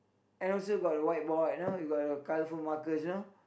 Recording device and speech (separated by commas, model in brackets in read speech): boundary microphone, conversation in the same room